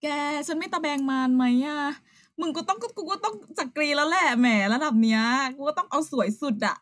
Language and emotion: Thai, happy